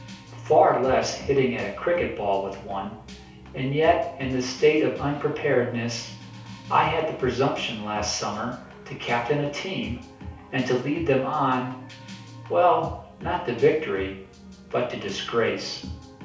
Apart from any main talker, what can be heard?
Music.